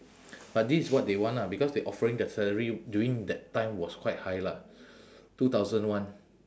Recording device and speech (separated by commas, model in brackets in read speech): standing microphone, conversation in separate rooms